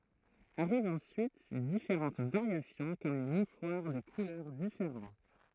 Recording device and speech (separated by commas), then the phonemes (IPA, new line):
throat microphone, read sentence
aʁivt ɑ̃syit difeʁɑ̃t vaʁjasjɔ̃ kɔm le muʃwaʁ də kulœʁ difeʁɑ̃t